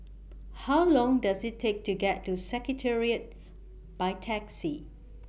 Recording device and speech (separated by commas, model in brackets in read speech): boundary microphone (BM630), read sentence